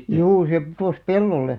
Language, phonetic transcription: Finnish, 'juu se putòs "pellolle .
- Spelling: juu se putosi pellolle

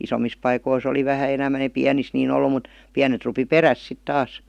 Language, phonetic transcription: Finnish, 'isomis paikois ‿oli 'vähä 'enämän eⁱ "piänis nii'n ‿ollu mut , "piänet rupi "peräs sit 'taas .
- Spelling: isommissa paikoissa oli vähän enemmän ei pienissä niin ollut mutta pienet rupesi perässä sitten taas

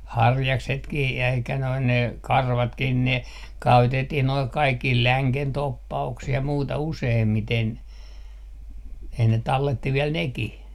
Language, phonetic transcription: Finnish, "harjaksetkih jäi eikä noin ne "karvatkih 'ne , 'käytettih noi 'kaikkih "läŋken 'toppa₍uksih ja 'muuta 'useemmiten , ei ne 'talletti 'viɛl "nekih .
- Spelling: harjaksetkin jäi eikä noin ne karvatkin ne käytettiin nuo kaikkiin längen toppauksiin ja muuta useimmiten ei ne talletti vielä nekin

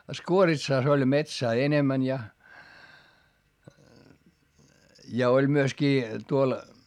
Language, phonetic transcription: Finnish, Skuoritsàs ‿oĺ metsää enemän ja , ja oĺ myöskii , tuol ,.
- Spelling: Skuoritsassa oli metsää enemmän ja ja oli myöskin tuolla

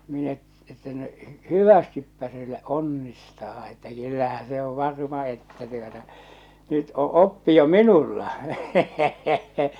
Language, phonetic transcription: Finnish, minä , että no , "hyvästippä se lᵃ̈ˉ , "onnistaa että kyllähä se ov 'varma että tuota , nyt o 'oppi jo "minulla .
- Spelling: minä että no hyvästi se - onnistaa että kyllähän se on varma että tuota nyt on oppi jo minulla

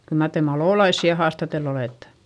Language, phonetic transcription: Finnish, kyl mar te malòlaissi ja haastatell ‿olèttE ?
- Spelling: kyllä mar te malolaisia ja haastatellut olette

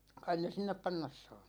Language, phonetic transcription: Finnish, 'kain ne 'sinnep "pannas saa .
- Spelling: kai ne sinne panna saa

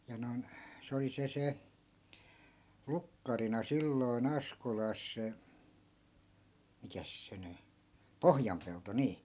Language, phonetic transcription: Finnish, ja noi̮n , 'se oli 'se 'se , 'lukkarina 'silloi̮'n ‿askolas se , 'mikäs se ny , "pohjampelto 'nii .
- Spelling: ja noin se oli se se lukkarina silloin Askolassa se mikäs se nyt Pohjanpelto niin

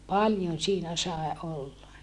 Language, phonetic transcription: Finnish, paljon̬ siinä sae olla .
- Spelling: paljon siinä sai olla

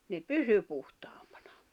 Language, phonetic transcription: Finnish, ne "pysy puhtaampᴀɴᴀ .
- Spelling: ne pysyi puhtaampina

